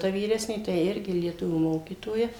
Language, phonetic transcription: Lithuanian, ta vyˈresnė tai ˈirgi lieˈtuvių ˈmokytoja

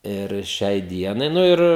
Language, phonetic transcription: Lithuanian, ir ˈšiai ˈdienai ˈnu ir

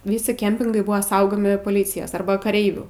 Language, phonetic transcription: Lithuanian, ˈvysi ˈkempingai ˈbuva ˈsaugomi poˈlycijas ˈarba kaˈreivių

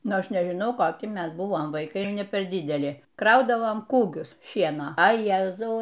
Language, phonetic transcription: Lithuanian, ˈnu ˈaš nežiˈnau koˈki ˈmes ˈbuvom vaiˈkai ne ˈper ˈdideli ˈkraudavom ˈkūgius ˈšieno a ˈjezau

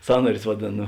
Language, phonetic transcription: Lithuanian, ˈsąnarius vaˈdėn

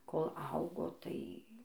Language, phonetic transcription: Lithuanian, kol ˈaugo ˈtai

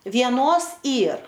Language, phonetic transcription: Lithuanian, vieˈnos ˈyr

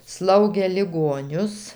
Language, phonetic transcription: Lithuanian, ˈslaugė liˈgonius

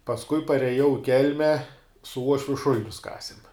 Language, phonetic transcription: Lithuanian, pasˈkui pareˈjau i ˈkelme su ˈuošviu ˈšulinius ˈkasim

